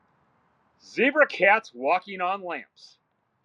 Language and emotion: English, angry